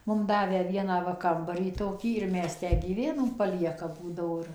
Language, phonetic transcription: Lithuanian, ˈmum ˈdavę ˈvieną ˈva ˈkambarį toˈkį ir ˈmes ˈtę gyˈvenom paˈlieka ˈbūdavo ir

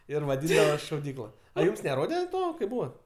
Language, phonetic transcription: Lithuanian, ir vaˈdyndavas šauˈdykla a ˈjūms neˈrode ˈto kaip ˈbūvat

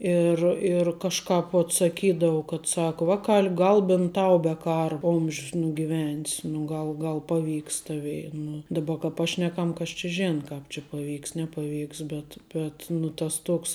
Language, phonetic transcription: Lithuanian, ir ir kažˈkāp vot saˈkydavu kad ˈsaku ˈvaˌkal' ˈgal bint ˈtau be ˈkara ˈomž's nugiˈven's nu ˈgal ˈgal ˈpaˌvyks ˈtavei nu ˈdaba ka ˈpašnekam kas či ˈžena ˈkāp či paˈvyks nepaˈvyks ˈbet bet nu tas ˈtoks

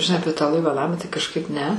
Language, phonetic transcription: Lithuanian, žiˈnai ˈapie tą laiva ˈnamą tai kažˈkaip ne

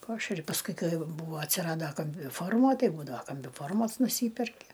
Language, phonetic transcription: Lithuanian, ˈpašeri pasˈkui ˈkai ˈjau ˈbūva atsiˈrado kambiˈformo ˈtai ˈbūdava kambiˈformos nuˈsyperki

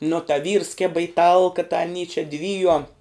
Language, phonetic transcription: Lithuanian, nu ta vyrs ˈkėba i ˈtalka ta aˈny čia ˈdvyjuom

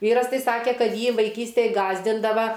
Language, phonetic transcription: Lithuanian, ˈvyras ˈtai ˈsakė ˈkad ˈjį vaiˈkystėj ˈgąsdindava

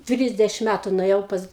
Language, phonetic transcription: Lithuanian, ˈtrisdešim ˈmætu nuėˈjau pas

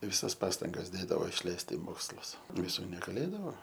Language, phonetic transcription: Lithuanian, viˈsas ˈpastangas ˈdėdavo išˈleist i ˈmokslus viˈsų negaˈlėdavo

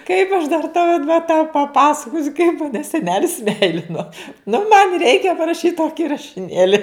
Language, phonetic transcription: Lithuanian, kaip aš dar tau id va tau paˈpasakosiu kaip maˈne seˈnelis ˈmeilino nu man' ˈreikia paraˈšyt ˈtoki rašiˈnėli

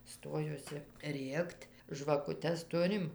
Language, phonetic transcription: Lithuanian, ˈstojuosi ˈrėkt' žvakuˈtes ˈturim

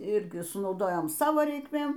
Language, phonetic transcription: Lithuanian, ˈirgi sunauˈdojom ˈsavo reikˈmėm

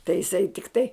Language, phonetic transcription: Lithuanian, tai jiˈsai tikˈtai

